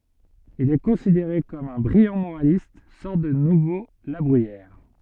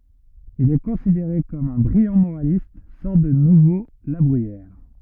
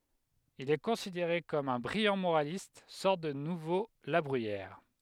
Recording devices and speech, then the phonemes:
soft in-ear microphone, rigid in-ear microphone, headset microphone, read sentence
il ɛ kɔ̃sideʁe kɔm œ̃ bʁijɑ̃ moʁalist sɔʁt də nuvo la bʁyijɛʁ

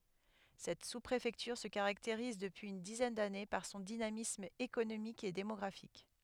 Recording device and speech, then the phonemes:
headset microphone, read sentence
sɛt suspʁefɛktyʁ sə kaʁakteʁiz dəpyiz yn dizɛn dane paʁ sɔ̃ dinamism ekonomik e demɔɡʁafik

